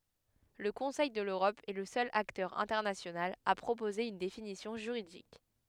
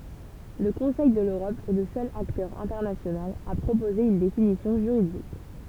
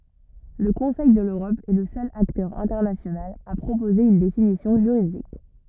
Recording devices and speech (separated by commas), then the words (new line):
headset microphone, temple vibration pickup, rigid in-ear microphone, read sentence
Le Conseil de l’Europe est le seul acteur international à proposer une définition juridique.